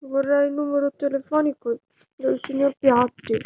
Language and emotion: Italian, sad